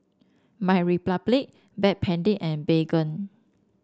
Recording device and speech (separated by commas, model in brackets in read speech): standing microphone (AKG C214), read sentence